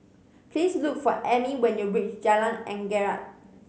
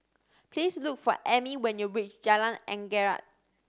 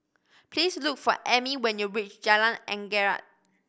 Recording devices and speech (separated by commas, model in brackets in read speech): mobile phone (Samsung C5010), standing microphone (AKG C214), boundary microphone (BM630), read sentence